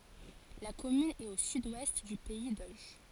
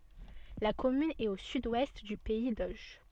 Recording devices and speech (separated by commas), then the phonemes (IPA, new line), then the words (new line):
forehead accelerometer, soft in-ear microphone, read sentence
la kɔmyn ɛt o syd wɛst dy pɛi doʒ
La commune est au sud-ouest du pays d'Auge.